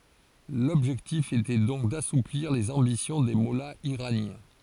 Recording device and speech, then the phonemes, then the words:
forehead accelerometer, read sentence
lɔbʒɛktif etɛ dɔ̃k dasupliʁ lez ɑ̃bisjɔ̃ de mɔlaz iʁanjɛ̃
L’objectif était donc d’assouplir les ambitions des mollahs iraniens.

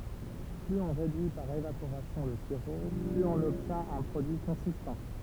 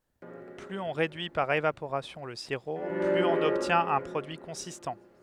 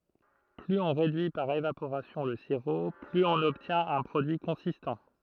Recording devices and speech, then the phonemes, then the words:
temple vibration pickup, headset microphone, throat microphone, read sentence
plyz ɔ̃ ʁedyi paʁ evapoʁasjɔ̃ lə siʁo plyz ɔ̃n ɔbtjɛ̃t œ̃ pʁodyi kɔ̃sistɑ̃
Plus on réduit par évaporation le sirop, plus on obtient un produit consistant.

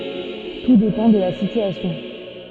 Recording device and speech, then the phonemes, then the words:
soft in-ear microphone, read sentence
tu depɑ̃ də la sityasjɔ̃
Tout dépend de la situation.

